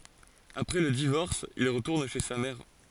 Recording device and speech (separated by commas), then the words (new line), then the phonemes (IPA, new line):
forehead accelerometer, read sentence
Après le divorce, il retourne chez sa mère.
apʁɛ lə divɔʁs il ʁətuʁn ʃe sa mɛʁ